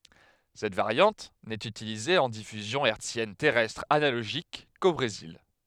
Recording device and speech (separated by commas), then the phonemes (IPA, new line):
headset microphone, read sentence
sɛt vaʁjɑ̃t nɛt ytilize ɑ̃ difyzjɔ̃ ɛʁtsjɛn tɛʁɛstʁ analoʒik ko bʁezil